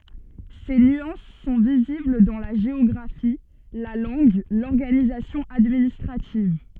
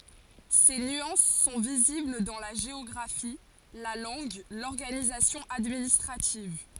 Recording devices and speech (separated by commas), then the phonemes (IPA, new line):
soft in-ear microphone, forehead accelerometer, read sentence
se nyɑ̃s sɔ̃ vizibl dɑ̃ la ʒeɔɡʁafi la lɑ̃ɡ lɔʁɡanizasjɔ̃ administʁativ